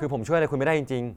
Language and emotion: Thai, sad